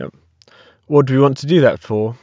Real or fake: real